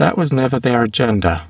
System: VC, spectral filtering